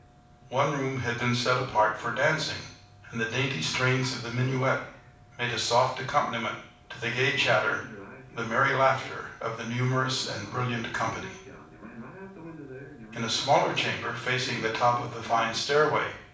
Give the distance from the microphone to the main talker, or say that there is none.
5.8 m.